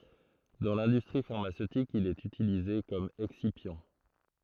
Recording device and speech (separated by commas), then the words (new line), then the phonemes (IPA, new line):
throat microphone, read sentence
Dans l'industrie pharmaceutique, il est utilisé comme excipient.
dɑ̃ lɛ̃dystʁi faʁmasøtik il ɛt ytilize kɔm ɛksipjɑ̃